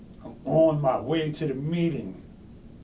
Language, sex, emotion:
English, male, angry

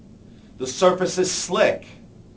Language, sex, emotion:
English, male, fearful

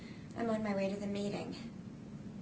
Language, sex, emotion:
English, female, neutral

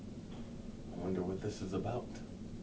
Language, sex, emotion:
English, male, neutral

